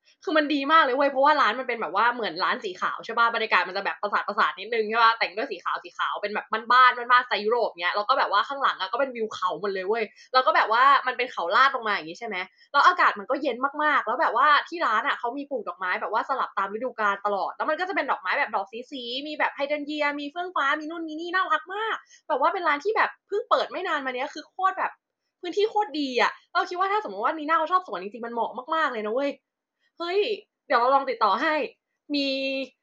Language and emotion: Thai, happy